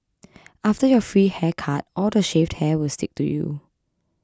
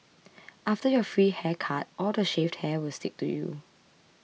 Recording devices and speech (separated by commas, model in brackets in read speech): close-talking microphone (WH20), mobile phone (iPhone 6), read sentence